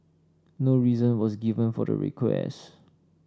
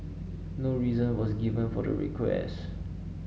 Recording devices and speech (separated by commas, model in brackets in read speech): standing microphone (AKG C214), mobile phone (Samsung S8), read sentence